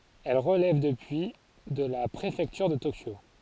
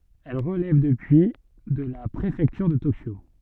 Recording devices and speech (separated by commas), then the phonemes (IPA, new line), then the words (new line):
forehead accelerometer, soft in-ear microphone, read sentence
ɛl ʁəlɛv dəpyi də la pʁefɛktyʁ də tokjo
Elle relève depuis de la préfecture de Tokyo.